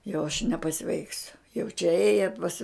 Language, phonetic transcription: Lithuanian, jau aš nepaˈsveiksiu jau čia ˈėja pas

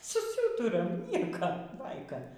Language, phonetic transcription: Lithuanian, suˈsūturam ˈnieko ˈbaika

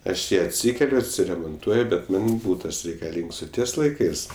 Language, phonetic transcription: Lithuanian, ˈaš ˈjį atˈsykeliu atsiremonˈtuoju bet ˈman' ˈbūtas reikaˈlyngs ˈo ˈties laiˈkɜs

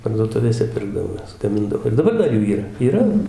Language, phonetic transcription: Lithuanian, parduoˈtuvėse ˈpirkdavo ˈjas gaˈmindavo ir daˈbar ˈdar ˈjų yˈra yˈra

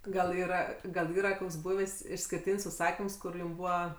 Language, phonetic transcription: Lithuanian, gal ˈyra gal ˈyra ˈkoks ˈbūvės' išskirˈtyn's' užˈsakims ˈkur ˈjum ˈbūva

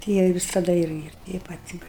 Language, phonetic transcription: Lithuanian, ti ˈjie i visaˈda ˈir ˈ ir tei ˈpat ir

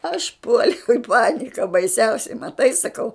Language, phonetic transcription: Lithuanian, aš ˈpuoliau i ˈpanika baiˈsiausiai maˈtai saˈkau

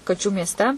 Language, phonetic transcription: Lithuanian, kaˈčių miesˈte

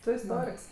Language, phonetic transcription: Lithuanian, ˈtu isˈtoriks

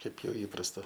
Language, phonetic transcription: Lithuanian, ˈkaip ˈjau ˈįprasta

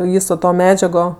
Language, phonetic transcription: Lithuanian, ˈvyso to ˈmedžiago

